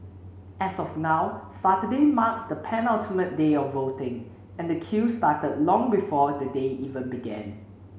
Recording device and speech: mobile phone (Samsung C7), read sentence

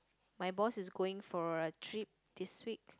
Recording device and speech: close-talking microphone, conversation in the same room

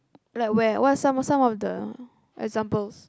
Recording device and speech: close-talking microphone, conversation in the same room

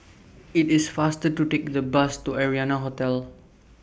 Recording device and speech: boundary microphone (BM630), read sentence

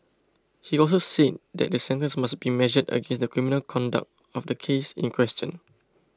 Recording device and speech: close-talking microphone (WH20), read sentence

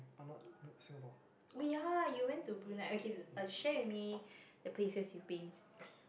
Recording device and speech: boundary microphone, conversation in the same room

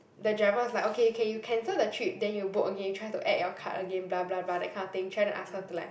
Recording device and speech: boundary microphone, conversation in the same room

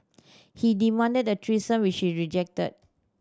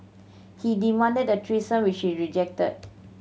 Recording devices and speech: standing microphone (AKG C214), mobile phone (Samsung C7100), read sentence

